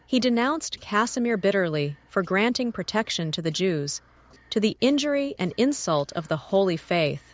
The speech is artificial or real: artificial